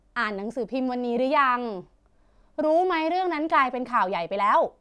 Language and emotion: Thai, neutral